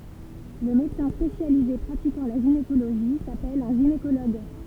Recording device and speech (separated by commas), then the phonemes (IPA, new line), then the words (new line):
temple vibration pickup, read sentence
lə medəsɛ̃ spesjalize pʁatikɑ̃ la ʒinekoloʒi sapɛl œ̃ ʒinekoloɡ
Le médecin spécialisé pratiquant la gynécologie s'appelle un gynécologue.